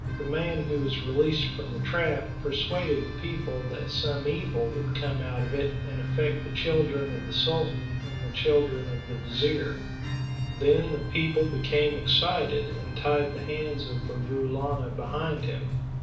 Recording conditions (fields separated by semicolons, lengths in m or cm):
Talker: one person; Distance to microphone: 5.8 m; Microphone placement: far; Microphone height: 1.8 m; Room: medium-sized (5.7 m by 4.0 m); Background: music